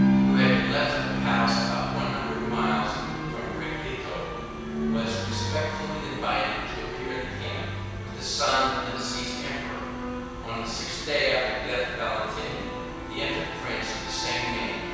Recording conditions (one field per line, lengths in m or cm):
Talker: one person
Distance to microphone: 7.1 m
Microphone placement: far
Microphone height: 1.7 m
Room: very reverberant, large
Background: music